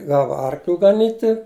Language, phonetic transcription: Lithuanian, ˈgava ˈarkliu gaˈnyti

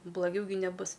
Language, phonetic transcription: Lithuanian, blaˈgiau gi neˈbus

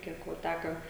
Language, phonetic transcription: Lithuanian, ˈkiek vo ˈtæka

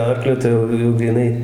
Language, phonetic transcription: Lithuanian, ˈarkliu ˈtai jau jau gryˈnai

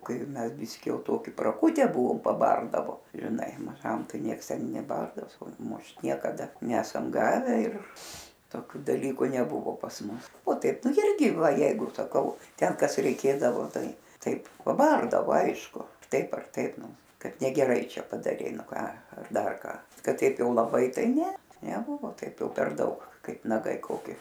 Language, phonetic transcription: Lithuanian, ˈkai ˈmes ˈbiski ˈjau ˈtoki praˈkutę ˈbuvom paˈbardavo žiˈnai maˈžam ˈtai ˈnieks ˈten neˈbardavos ˈmušt niekaˈda ˈnesam ˈgave ir toˈkiu daˈlyku neˈbuvo pas ˈmus o ˈtaip ˈnu ˈirgi ˈva ˈjeigu saˈkau ˈten ˈkas reiˈkėdavo ˈtai ˈtaip paˈbardavo ˈaišku ˈtaip ar ˈtaip ˈnu ˈkad negeˈrai ˈčia padaˈrei ˈnu ˈką ar ˈdar ˈką ˈkad ˈteip ˈjau laˈbai ˈtai ˈne neˈbuvo ˈtaip jau per ˈdaug ˈkaip naˈgai koˈki

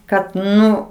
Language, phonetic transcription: Lithuanian, ˈkad ˈnu

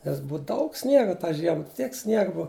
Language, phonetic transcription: Lithuanian, nes ˈbuu ˈdaug ˈsniega tą ˈžiema ˈtiek ˈsniega ˈbua

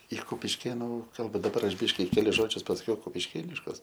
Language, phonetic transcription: Lithuanian, i kupišˈkėnu ˈkalba daˈbar ˈaš ˈbiški keˈlis ˈžodžius pasaˈkiau kupišˈkėniškus

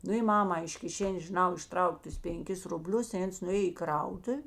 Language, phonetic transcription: Lithuanian, ˈnu i ˈmama iš kiˈšenės žiˈnau išˈtrauk' ˈtus penˈkis ruˈblius i ˈans nuˈėj i ˈkrautuv'

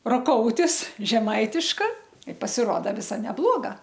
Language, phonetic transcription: Lithuanian, roˈkoutis žeˈmaitiška i pasiˈroda ˈvisa neˈbloga

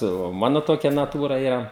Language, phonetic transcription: Lithuanian, tai o ˈmanu ˈtokia naˈtūra ˈyra

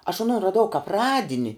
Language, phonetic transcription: Lithuanian, aš aˈnon raˈdau kap ˈradini

